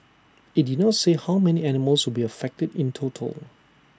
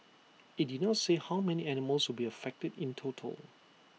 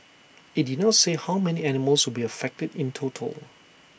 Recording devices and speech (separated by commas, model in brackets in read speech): standing microphone (AKG C214), mobile phone (iPhone 6), boundary microphone (BM630), read sentence